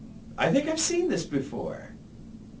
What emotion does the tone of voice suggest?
happy